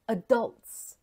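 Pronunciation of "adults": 'adults' is said with the North American pronunciation, not the English one that puts the stress on the first part.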